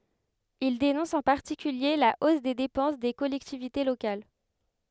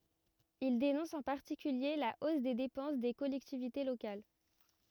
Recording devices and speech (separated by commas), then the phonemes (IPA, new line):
headset microphone, rigid in-ear microphone, read sentence
il denɔ̃s ɑ̃ paʁtikylje la os de depɑ̃s de kɔlɛktivite lokal